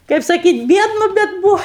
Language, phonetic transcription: Lithuanian, kaip saˈkyt' ˈbiednu bet ˈbūva

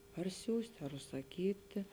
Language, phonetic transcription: Lithuanian, par ˈsiųst' ar užsaˈkyti

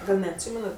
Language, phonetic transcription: Lithuanian, ˈgal' neatˈsymenat

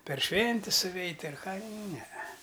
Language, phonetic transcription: Lithuanian, per ˈšventis suˈveit' ar ˈką ˈnee

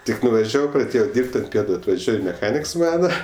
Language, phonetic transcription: Lithuanian, ˈtik nuvaˈžiavau praˈdėjo ˈdyrb't' ant ˈpietu atvaˈžiuoj meˈchaniks ˈmana

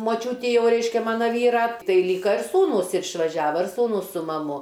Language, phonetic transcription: Lithuanian, moˈčiūti ˈjau ˈreiškia ˈmana ˈvyra ˈtai ˈlyka ir ˈsūnūs ir išvaˈžiava ir ˈsūnūs su maˈmu

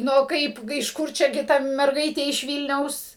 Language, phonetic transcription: Lithuanian, ˈnu ˈkaip iš ˈkur ˈčia gi ˈta merˈgaitė iš ˈvylniaus

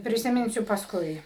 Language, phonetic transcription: Lithuanian, prisiˈminsiu pasˈkui

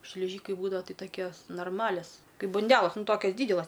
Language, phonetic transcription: Lithuanian, šliˈžykai ˈbūdava ˈtai taˈkios norˈmalias ˈkaip banˈdelas ˈnu ˈtokias ˈdydelas

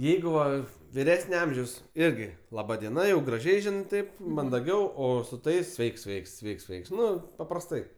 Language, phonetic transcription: Lithuanian, ˈjeigu ˈva viˈresne ˈamžiaus ˈirgi laˈba dieˈna jau graˈžiai ˈžinɜ ˈtaip mandaˈgiau ˈo su ˈtais ˈsveiks ˈsveiks ˈsveiks ˈsveiks ˈnu paprasˈtai

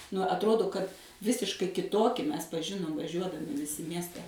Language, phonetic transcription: Lithuanian, nu atˈrodo kad ˈvisiškai kiˈtoki ˈmes paˈžinom vaˈžiuodami viˈsi ˈmieste

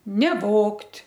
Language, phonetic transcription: Lithuanian, neˈvogt'

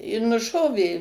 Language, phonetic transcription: Lithuanian, i nuˈšovė

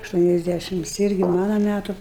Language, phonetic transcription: Lithuanian, ašˌtuoniasˈdæšims ˈirgi ˈmana ˈmætu

